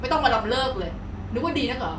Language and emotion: Thai, angry